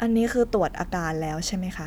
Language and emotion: Thai, neutral